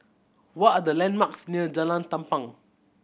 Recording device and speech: boundary microphone (BM630), read sentence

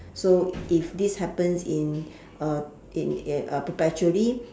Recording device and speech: standing microphone, conversation in separate rooms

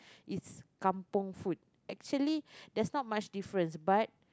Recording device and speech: close-talking microphone, conversation in the same room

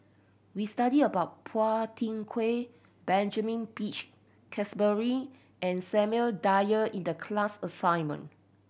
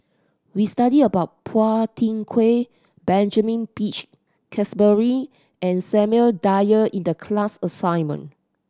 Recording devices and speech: boundary microphone (BM630), standing microphone (AKG C214), read sentence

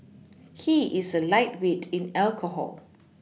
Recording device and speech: mobile phone (iPhone 6), read sentence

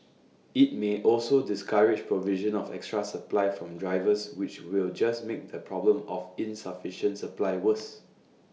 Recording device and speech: mobile phone (iPhone 6), read sentence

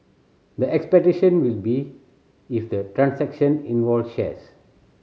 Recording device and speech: mobile phone (Samsung C7100), read sentence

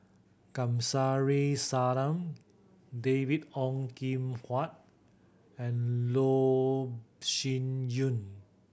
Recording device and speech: boundary microphone (BM630), read sentence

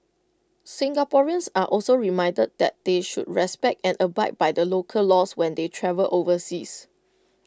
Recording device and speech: close-talking microphone (WH20), read sentence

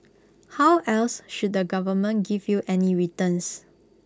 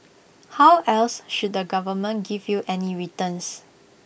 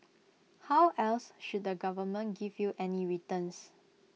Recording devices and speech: close-talking microphone (WH20), boundary microphone (BM630), mobile phone (iPhone 6), read sentence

